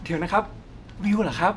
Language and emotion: Thai, happy